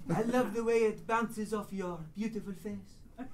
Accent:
French accent